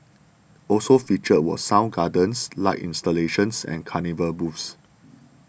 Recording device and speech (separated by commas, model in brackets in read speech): boundary microphone (BM630), read sentence